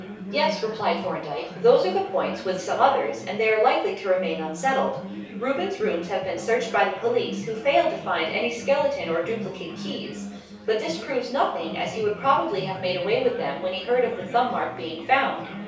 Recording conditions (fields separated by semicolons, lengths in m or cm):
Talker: one person; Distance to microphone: 3.0 m; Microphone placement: far; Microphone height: 1.8 m; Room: small (3.7 m by 2.7 m); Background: babble